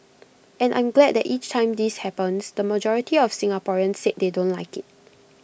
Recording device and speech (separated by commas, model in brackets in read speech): boundary microphone (BM630), read sentence